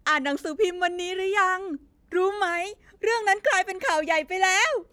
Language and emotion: Thai, happy